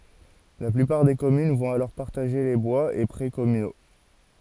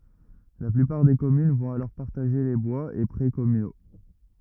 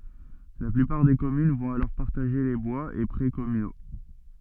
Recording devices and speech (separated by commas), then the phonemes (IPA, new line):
forehead accelerometer, rigid in-ear microphone, soft in-ear microphone, read sentence
la plypaʁ de kɔmyn vɔ̃t alɔʁ paʁtaʒe le bwaz e pʁɛ kɔmyno